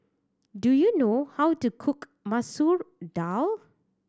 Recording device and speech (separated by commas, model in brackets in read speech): standing microphone (AKG C214), read sentence